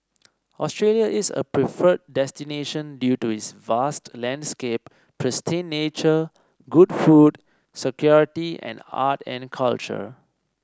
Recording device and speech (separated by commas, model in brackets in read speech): standing microphone (AKG C214), read sentence